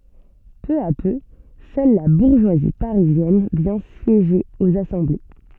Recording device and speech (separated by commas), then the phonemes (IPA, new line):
soft in-ear microphone, read sentence
pø a pø sœl la buʁʒwazi paʁizjɛn vjɛ̃ sjeʒe oz asɑ̃ble